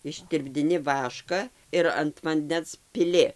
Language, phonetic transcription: Lithuanian, ištirpdiˈni ˈvaška ir ant vanˈdens piˈli

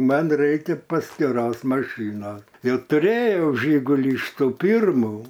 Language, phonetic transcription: Lithuanian, ˈman ˈraikia paskiˈros maˈšyno ˈjau tuˈrėjau ˈžyguli iš ˈtų ˈpyrmu

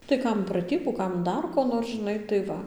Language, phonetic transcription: Lithuanian, tai ˈkam praˈtybų ˈkam ˈdar ko ˈnor žiˈnai tai ˈva

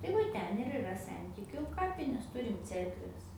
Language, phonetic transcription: Lithuanian, tai ˈva ˈten ir iˈra ˈsentikiu ˈkapinės ˈturim ˈcerkves

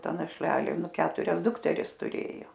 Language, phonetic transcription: Lithuanian, ˈta našˈlelė ˈnu ˈketurias ˈdukteris tuˈrėjo

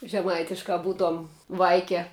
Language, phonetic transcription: Lithuanian, žeˈmaitiškaˈ butuom ˈvaike

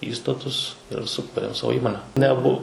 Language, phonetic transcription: Lithuanian, ˈįstatus ir suˈkūrėm ˈsavo ˈįmone neˈbu

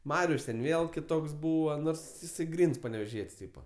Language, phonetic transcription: Lithuanian, ˈmarius ten ˈvėl kiˈtoks ˈbūva ˈnors jiˈsai ˈgryns paneveˈžiet's' ˈtypa

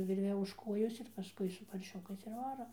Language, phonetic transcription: Lithuanian, ˈvirve už ˈkojos ir paˈskui su parˈšiukais ir ˈvaro

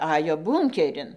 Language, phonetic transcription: Lithuanian, ˈajo ˈbūnkerin

